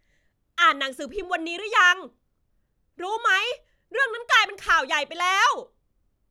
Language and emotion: Thai, angry